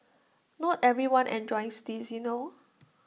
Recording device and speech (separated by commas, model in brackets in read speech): mobile phone (iPhone 6), read sentence